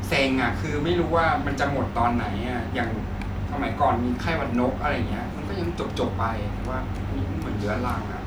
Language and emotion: Thai, frustrated